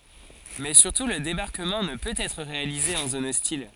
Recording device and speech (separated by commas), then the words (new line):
forehead accelerometer, read sentence
Mais surtout le débarquement ne peut être réalisé en zone hostile.